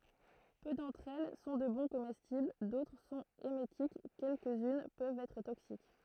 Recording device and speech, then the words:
throat microphone, read sentence
Peu d'entre elles sont de bons comestibles, d'autres sont émétiques, quelques-unes peuvent être toxiques.

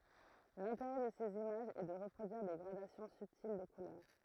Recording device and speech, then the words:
throat microphone, read sentence
L’intérêt de ces images est de reproduire des gradations subtiles de couleurs.

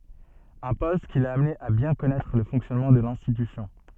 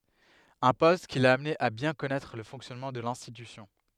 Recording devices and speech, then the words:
soft in-ear microphone, headset microphone, read sentence
Un poste qui l'a amené à bien connaître le fonctionnement de l'institution.

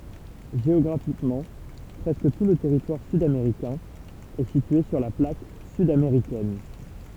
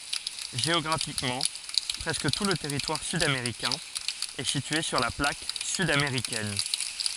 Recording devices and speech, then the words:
temple vibration pickup, forehead accelerometer, read sentence
Géographiquement, presque tout le territoire sud-américain est situé sur la plaque sud-américaine.

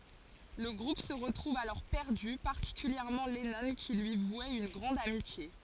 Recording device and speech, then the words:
forehead accelerometer, read sentence
Le groupe se retrouve alors perdu, particulièrement Lennon qui lui vouait une grande amitié.

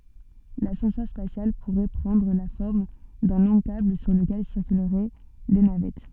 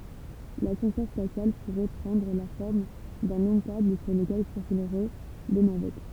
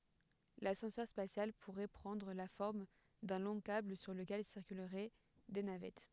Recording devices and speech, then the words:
soft in-ear microphone, temple vibration pickup, headset microphone, read sentence
L'ascenseur spatial pourrait prendre la forme d'un long câble sur lequel circuleraient des navettes.

